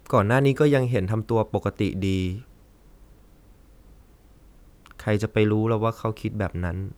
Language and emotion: Thai, sad